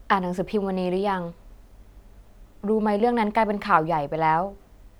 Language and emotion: Thai, neutral